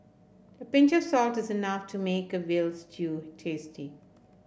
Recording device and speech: boundary microphone (BM630), read sentence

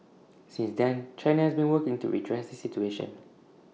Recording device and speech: mobile phone (iPhone 6), read sentence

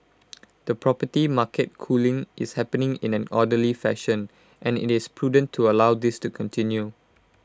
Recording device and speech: close-talking microphone (WH20), read sentence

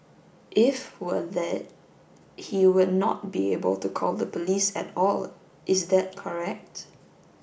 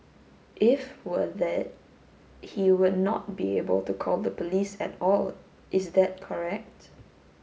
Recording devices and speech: boundary microphone (BM630), mobile phone (Samsung S8), read sentence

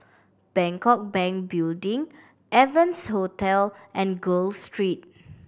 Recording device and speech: boundary microphone (BM630), read sentence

